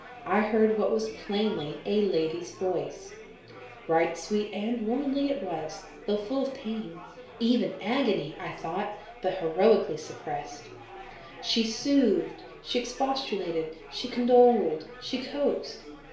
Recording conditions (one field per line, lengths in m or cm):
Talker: one person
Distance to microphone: 1.0 m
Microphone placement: close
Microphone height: 1.1 m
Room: small (3.7 m by 2.7 m)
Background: babble